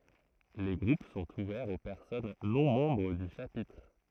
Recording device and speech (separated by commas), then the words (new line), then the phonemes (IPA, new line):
throat microphone, read sentence
Les groupes sont ouverts aux personnes non membres du Chapitre.
le ɡʁup sɔ̃t uvɛʁz o pɛʁsɔn nɔ̃ mɑ̃bʁ dy ʃapitʁ